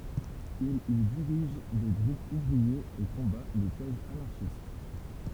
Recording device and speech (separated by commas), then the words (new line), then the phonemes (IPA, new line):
temple vibration pickup, read sentence
Il y dirige des groupes ouvriers et combat les thèses anarchistes.
il i diʁiʒ de ɡʁupz uvʁiez e kɔ̃ba le tɛzz anaʁʃist